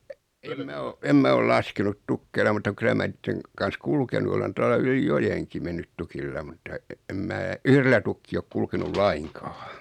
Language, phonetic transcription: Finnish, em 'mä o , em 'mä oi 'laskenut "tukkeila mutta 'kylä mä 'niitteŋ , kan̬s "kulkenu olen 'tuala 'yli "jojeŋki 'mennyt 'tukilla mutta , em 'mää , "yhrellä tukkii ok 'kulkenul "laiŋkᴀᴀ .
- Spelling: en minä ole en minä ole laskenut tukeilla mutta kyllä minä niiden kanssa kulkenut olen tuolla yli joenkin mennyt tukilla mutta en minä yhdellä tukkia ole kulkenut lainkaan

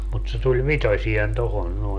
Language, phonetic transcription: Finnish, mut se tuĺ "vitosi₍en 'tohon nòe .
- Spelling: mutta se tuli vitoiseen tuohon noin

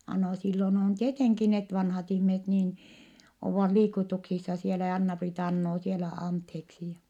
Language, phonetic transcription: Finnish, a- no sillon ‿on tieteŋki net vanhat ihmiset niin , ovvat liikutuksissa sielä ja Anna-Priita annoo sielä antheeksi ja ,.
- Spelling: - no silloin on tietenkin ne vanhat ihmiset niin ovat liikutuksissa siellä ja Anna-Priita anoo siellä anteeksi ja

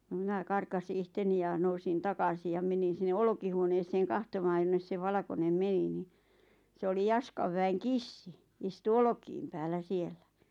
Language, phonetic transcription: Finnish, no "mⁱnä 'karkasi 'ihteni ja 'nousin "takasij ja 'menin̬ sinne 'olkihuoneeseeŋ "kahtomaaj jonnes se 'valʿa)konem "meni ni , 'se oli "Jaskav väeŋ "kissi , 'istu "olᵒkiim päällä 'siellä .
- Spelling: no minä karkaisin itseni ja nousin takaisin ja menin sinne olkihuoneeseen katsomaan jonne se valkoinen meni niin se oli Jaskan väen kissa istui olkien päällä siellä

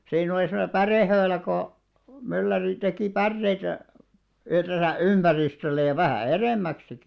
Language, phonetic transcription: Finnish, siin ‿oli semone "pärèhöölä ko , 'mylläri teki "pärreitä , (yhresä) 'ympäristöllej̆§ ja vähä̀ "erèmmäksiki .
- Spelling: siinä oli semmoinen pärehöylä kun mylläri teki päreitä yhdessä ympäristölle ja vähän edemmäksikin

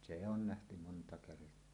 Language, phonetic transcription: Finnish, se ‿on 'nähty monta kert̀oa .
- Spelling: se on nähty monta kertaa

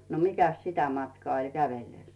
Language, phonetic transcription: Finnish, no 'mikäs "sitä matkaa oĺ 'kävellès .
- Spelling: no mikäs sitä matkaa oli kävellessä

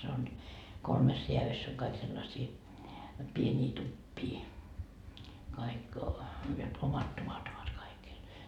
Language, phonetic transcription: Finnish, se on , 'kolmes 'reävyss ‿oŋ kaik sellasii , 'pieńii "tuppii , kaik , jot 'omat tuvat ovat 'kaikil .
- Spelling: se on kolmessa rääädyssä on kaikki sellaisia pieniä tupia kaikki jotta omat tuvat ovat kaikilla

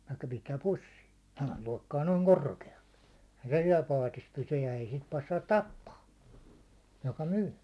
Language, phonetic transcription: Finnish, (että) 'pistääp "pus̜s̜ii , sehäl 'lòi̬kkaa 'nooŋ "korke₍aʟʟᴇ , eⁱhä se 'siɛl "paatis 'pysyj ja ei sit 'passaat "tappaa , joka "myy .
- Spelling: että pistää pussiin sehän loikkaa noin korkealle eihän se siellä paatissa pysy ja ei sitä passaa tappaa joka myy

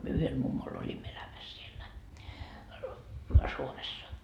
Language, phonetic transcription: Finnish, myö 'yhel mummol oĺimmo elämäs 'siellä , 'Suomessa .
- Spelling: me yhdellä mummolla olimme elämässä siellä Suomessa

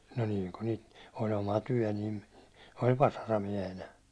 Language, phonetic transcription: Finnish, no niiŋ ku niit , o'l ‿oma "tyäₒ niin̬ , oĺ 'vasaramiɛhenä .
- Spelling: no niin kun niitä oli oma työ niin oli vasaramiehenä

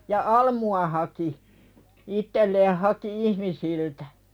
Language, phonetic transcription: Finnish, ja "almu₍a haki , 'ittelleeh haki "ihmisiltᴀ̈ .
- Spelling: ja almua haki itselleen haki ihmisiltä

